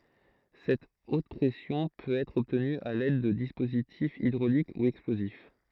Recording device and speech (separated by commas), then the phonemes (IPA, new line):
throat microphone, read sentence
sɛt ot pʁɛsjɔ̃ pøt ɛtʁ ɔbtny a lɛd də dispozitifz idʁolik u ɛksplozif